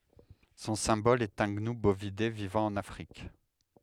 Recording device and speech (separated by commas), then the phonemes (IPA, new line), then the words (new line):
headset microphone, read sentence
sɔ̃ sɛ̃bɔl ɛt œ̃ ɡnu bovide vivɑ̃ ɑ̃n afʁik
Son symbole est un gnou, bovidé vivant en Afrique.